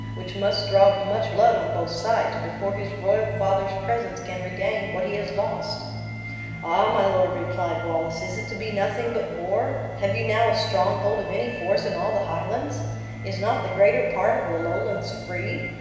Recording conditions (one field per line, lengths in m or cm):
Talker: one person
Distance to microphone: 1.7 m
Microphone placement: close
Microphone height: 1.0 m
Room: very reverberant, large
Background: music